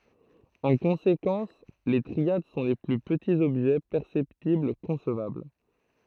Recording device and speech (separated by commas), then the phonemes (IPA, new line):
throat microphone, read sentence
ɑ̃ kɔ̃sekɑ̃s le tʁiad sɔ̃ le ply pətiz ɔbʒɛ pɛʁsɛptibl kɔ̃svabl